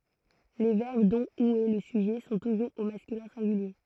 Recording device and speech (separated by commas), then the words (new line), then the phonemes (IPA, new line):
throat microphone, read sentence
Les verbes dont ou est le sujet sont toujours au masculin singulier.
le vɛʁb dɔ̃ u ɛ lə syʒɛ sɔ̃ tuʒuʁz o maskylɛ̃ sɛ̃ɡylje